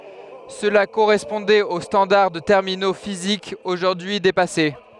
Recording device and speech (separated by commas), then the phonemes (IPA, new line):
headset microphone, read sentence
səla koʁɛspɔ̃dɛt o stɑ̃daʁ də tɛʁmino fizikz oʒuʁdyi depase